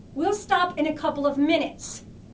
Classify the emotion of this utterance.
angry